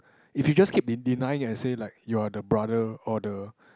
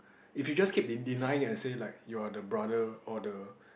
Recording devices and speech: close-talking microphone, boundary microphone, conversation in the same room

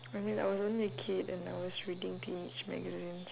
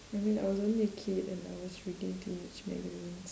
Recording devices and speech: telephone, standing microphone, conversation in separate rooms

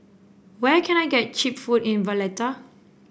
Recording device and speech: boundary microphone (BM630), read sentence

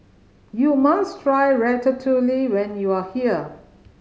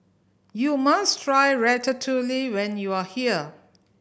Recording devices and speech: mobile phone (Samsung C5010), boundary microphone (BM630), read sentence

